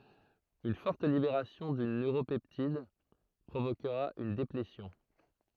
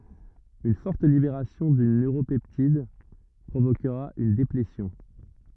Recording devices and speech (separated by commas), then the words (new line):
throat microphone, rigid in-ear microphone, read sentence
Une forte libération d'une neuropeptide provoquera une déplétion.